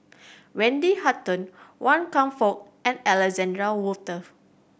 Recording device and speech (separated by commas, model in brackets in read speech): boundary microphone (BM630), read sentence